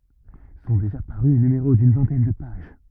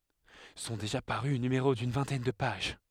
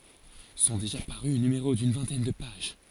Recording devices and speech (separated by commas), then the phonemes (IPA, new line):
rigid in-ear microphone, headset microphone, forehead accelerometer, read sentence
sɔ̃ deʒa paʁy nymeʁo dyn vɛ̃tɛn də paʒ